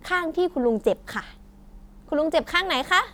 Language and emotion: Thai, happy